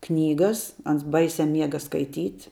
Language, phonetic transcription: Lithuanian, ˈknygas ˈans ˈbaisia ˈmiega skaiˈtyt'

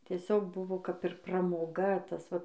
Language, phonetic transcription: Lithuanian, tieˈsiog ˈbuvo kap ir pramoˈga ˈtas ˈva

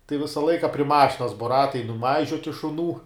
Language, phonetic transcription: Lithuanian, tai ˈvisa ˈlaika pri ˈmašinas bo ˈratai nuˈmaižioti šuˈnų

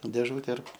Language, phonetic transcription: Lithuanian, dėˈžūte ir

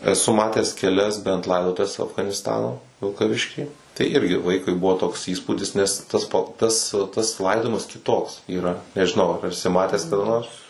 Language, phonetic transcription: Lithuanian, eˈsu ˈmates keˈlias bent ˈlaidotuves afganisˈtano vilkaˈvišky tai ˈirgi ˈvaikui ˈbuvo toks ˈįspūdis ˈnes ˈtas pa ˈtas tas ˈlaidojimas kiˈtoks yˈra nežiˈnau ar eˈsi ˈmatęs kaˈda ˈnors

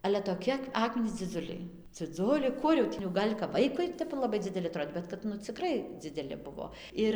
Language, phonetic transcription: Lithuanian, ale toˈki ˈakminys dziˈdzuliai dziˈdzuliai ˈkur jau tį jau ˈgal' kap ˈvaikui ˈtep laˈbai dzideˈli aˈtrod' ˈbet kad ˈnu ciˈkrai dzideˈli ˈbuvo ˈir

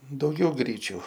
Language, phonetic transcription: Lithuanian, dauˈgiau ˈgryčiu

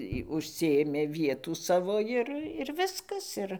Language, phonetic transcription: Lithuanian, ji užˈsiėmė ˈvietų ˈsavo ˈir ir ˈviskas ˈir

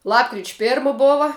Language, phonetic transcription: Lithuanian, ˈlapkrič' ˈpėrma ˈbova

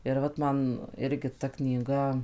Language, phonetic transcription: Lithuanian, ir ˈvat man ˈirgi ta knyˈga

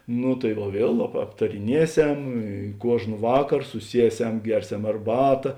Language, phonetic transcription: Lithuanian, ˈnu tai va ˈviel ap aptariˈnieˌsem i ˈkuožn ˈvakar suˈsieˌsem ˈgerˌsem arˈbata

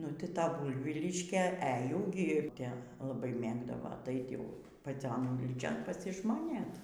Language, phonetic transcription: Lithuanian, ˈnu ti ˈta ˈbuivyliškė e jau gi ˈte laˈbai ˈmėgdavo aˈtait ˈjau paˈcion ˈūlyčion pasižmoˈnėt

